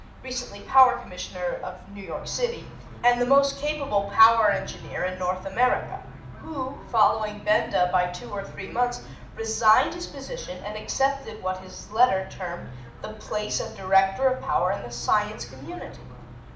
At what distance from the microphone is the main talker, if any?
2.0 m.